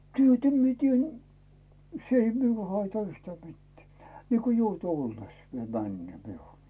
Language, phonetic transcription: Finnish, 'työtä mie tien , 's ‿ei miul haita 'yhtää mittᵉä̀ , niiko 'joute olles , viel 'männʸö̀ miul .
- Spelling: työtä minä teen se ei minulle haittaa yhtään mitään niin kuin jouten ollessa vielä menee minulla

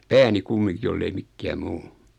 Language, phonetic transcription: Finnish, 'pääni 'kummiŋki jollei 'mikkää "muu .
- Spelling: pääni kumminkin jos ei mikään muu

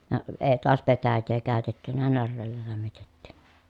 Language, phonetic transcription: Finnish, ja ə ee toas petäjjee kä̀ötettynä närreellä lämmitettI .
- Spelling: ja - ei taas petäjää käytetty näreellä lämmitettiin

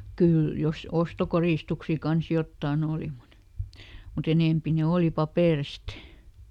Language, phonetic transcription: Finnish, ˈkỳl , jos ˈostokorìstuksi kans "jottàˈn ‿òli mut , muˈt ‿enèmpi ne "òli "papèrist .
- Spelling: kyllä jos ostokoristuksia kanssa jotakin oli mutta mutta enempi ne oli paperista

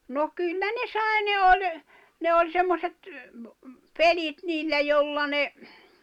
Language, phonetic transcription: Finnish, no 'kyllä ne "sài̬ 'ne 'oĺ , 'ne 'oĺ 'semmoset , "pelit niillä 'jolla ne ,.
- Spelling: no kyllä ne sai ne oli ne oli semmoiset pelit niillä jolla ne

